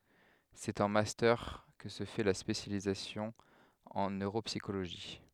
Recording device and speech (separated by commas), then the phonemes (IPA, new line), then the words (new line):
headset microphone, read sentence
sɛt ɑ̃ mastœʁ kə sə fɛ la spesjalizasjɔ̃ ɑ̃ nøʁopsikoloʒi
C'est en Master que se fait la spécialisation en neuropsychologie.